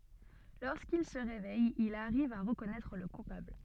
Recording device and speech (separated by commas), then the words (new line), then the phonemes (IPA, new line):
soft in-ear microphone, read sentence
Lorsqu'il se réveille, il arrive à reconnaître le coupable.
loʁskil sə ʁevɛj il aʁiv a ʁəkɔnɛtʁ lə kupabl